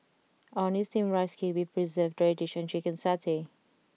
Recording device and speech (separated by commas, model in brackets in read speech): mobile phone (iPhone 6), read sentence